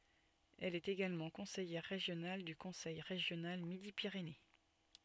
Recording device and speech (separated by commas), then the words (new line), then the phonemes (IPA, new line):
soft in-ear microphone, read sentence
Elle est également conseillère régionale du Conseil régional Midi-Pyrénées.
ɛl ɛt eɡalmɑ̃ kɔ̃sɛjɛʁ ʁeʒjonal dy kɔ̃sɛj ʁeʒjonal midi piʁene